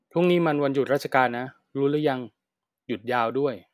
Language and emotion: Thai, neutral